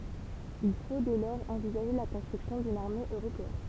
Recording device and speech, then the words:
temple vibration pickup, read sentence
Il faut dès lors envisager la construction d’une armée européenne.

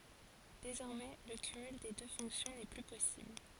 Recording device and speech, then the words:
forehead accelerometer, read sentence
Désormais, le cumul des deux fonctions n'est plus possible.

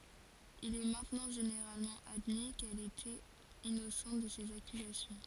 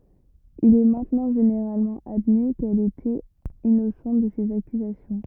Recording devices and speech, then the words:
forehead accelerometer, rigid in-ear microphone, read sentence
Il est maintenant généralement admis qu'elle était innocente de ces accusations.

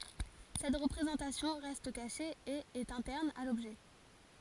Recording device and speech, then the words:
forehead accelerometer, read sentence
Cette représentation reste cachée et est interne à l'objet.

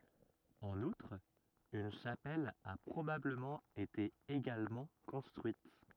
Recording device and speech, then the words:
rigid in-ear microphone, read sentence
En outre, une chapelle a probablement été également construite.

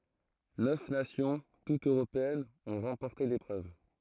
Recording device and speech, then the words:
throat microphone, read sentence
Neuf nations, toutes européennes, ont remporté l'épreuve.

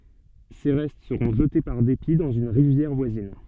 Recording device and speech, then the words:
soft in-ear microphone, read sentence
Ses restes seront jetés par dépit dans une rivière voisine.

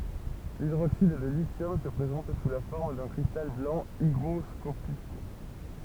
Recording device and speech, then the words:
temple vibration pickup, read sentence
L'hydroxyde de lithium se présente sous la forme d'un cristal blanc hygroscopique.

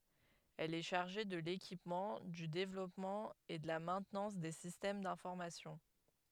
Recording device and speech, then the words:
headset microphone, read sentence
Elle est chargée de l'équipement, du développement et de la maintenance des systèmes d'information.

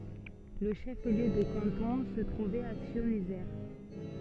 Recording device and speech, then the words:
soft in-ear microphone, read sentence
Le chef-lieu de canton se trouvait à Scionzier.

